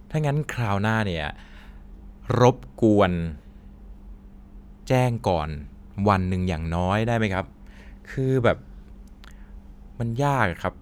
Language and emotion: Thai, frustrated